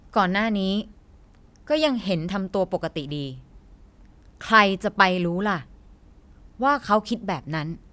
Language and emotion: Thai, frustrated